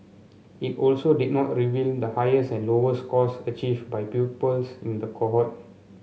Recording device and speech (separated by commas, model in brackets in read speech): mobile phone (Samsung C7), read sentence